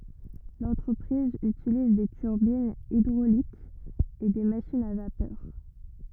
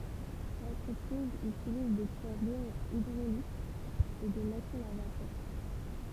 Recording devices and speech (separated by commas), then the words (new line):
rigid in-ear microphone, temple vibration pickup, read sentence
L'entreprise utilise des turbines hydrauliques et des machines à vapeur.